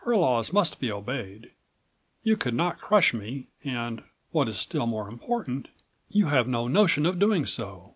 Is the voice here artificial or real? real